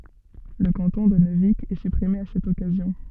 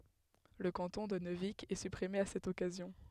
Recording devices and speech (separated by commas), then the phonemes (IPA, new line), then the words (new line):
soft in-ear microphone, headset microphone, read sentence
lə kɑ̃tɔ̃ də nøvik ɛ sypʁime a sɛt ɔkazjɔ̃
Le canton de Neuvic est supprimé à cette occasion.